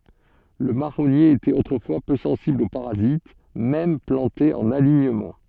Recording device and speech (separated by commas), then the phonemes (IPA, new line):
soft in-ear microphone, read sentence
lə maʁɔnje etɛt otʁəfwa pø sɑ̃sibl o paʁazit mɛm plɑ̃te ɑ̃n aliɲəmɑ̃